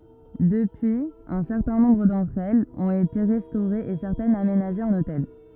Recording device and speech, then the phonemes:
rigid in-ear microphone, read sentence
dəpyiz œ̃ sɛʁtɛ̃ nɔ̃bʁ dɑ̃tʁ ɛlz ɔ̃t ete ʁɛstoʁez e sɛʁtɛnz amenaʒez ɑ̃n otɛl

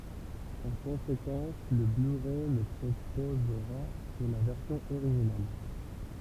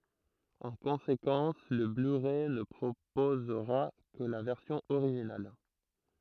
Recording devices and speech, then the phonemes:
temple vibration pickup, throat microphone, read sentence
ɑ̃ kɔ̃sekɑ̃s lə blyʁɛ nə pʁopozʁa kə la vɛʁsjɔ̃ oʁiʒinal

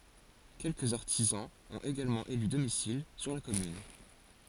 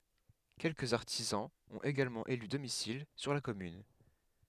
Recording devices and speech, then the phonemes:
forehead accelerometer, headset microphone, read sentence
kɛlkəz aʁtizɑ̃z ɔ̃t eɡalmɑ̃ ely domisil syʁ la kɔmyn

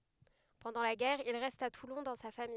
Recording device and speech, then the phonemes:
headset microphone, read sentence
pɑ̃dɑ̃ la ɡɛʁ il ʁɛst a tulɔ̃ dɑ̃ sa famij

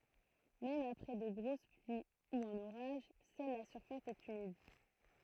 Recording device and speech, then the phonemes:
throat microphone, read sentence
mɛm apʁɛ də ɡʁos plyi u œ̃n oʁaʒ sœl la syʁfas ɛt ymid

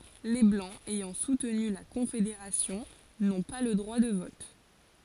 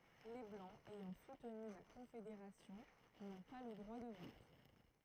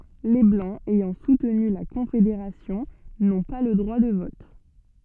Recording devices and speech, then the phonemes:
forehead accelerometer, throat microphone, soft in-ear microphone, read sentence
le blɑ̃z ɛjɑ̃ sutny la kɔ̃fedeʁasjɔ̃ nɔ̃ pa lə dʁwa də vɔt

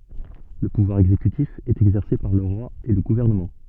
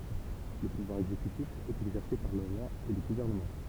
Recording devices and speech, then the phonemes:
soft in-ear microphone, temple vibration pickup, read sentence
lə puvwaʁ ɛɡzekytif ɛt ɛɡzɛʁse paʁ lə ʁwa e lə ɡuvɛʁnəmɑ̃

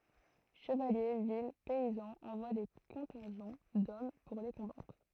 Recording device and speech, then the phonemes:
throat microphone, read sentence
ʃəvalje vil pɛizɑ̃z ɑ̃vwa de kɔ̃tɛ̃ʒɑ̃ dɔm puʁ le kɔ̃batʁ

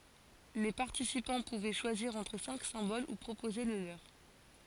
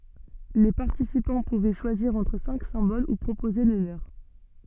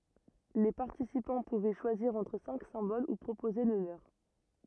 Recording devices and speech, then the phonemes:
forehead accelerometer, soft in-ear microphone, rigid in-ear microphone, read sentence
le paʁtisipɑ̃ puvɛ ʃwaziʁ ɑ̃tʁ sɛ̃k sɛ̃bol u pʁopoze lə løʁ

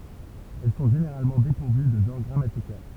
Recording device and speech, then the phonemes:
temple vibration pickup, read sentence
ɛl sɔ̃ ʒeneʁalmɑ̃ depuʁvy də ʒɑ̃ʁ ɡʁamatikal

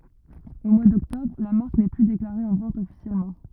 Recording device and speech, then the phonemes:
rigid in-ear microphone, read sentence
o mwa dɔktɔbʁ la maʁk nɛ ply deklaʁe ɑ̃ vɑ̃t ɔfisjɛlmɑ̃

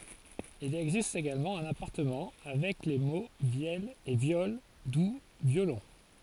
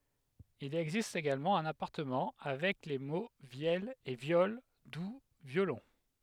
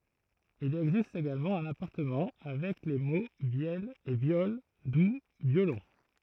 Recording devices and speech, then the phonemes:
forehead accelerometer, headset microphone, throat microphone, read sentence
il ɛɡzist eɡalmɑ̃ œ̃n apaʁɑ̃tmɑ̃ avɛk le mo vjɛl e vjɔl du vjolɔ̃

